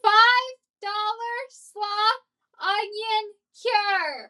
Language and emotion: English, neutral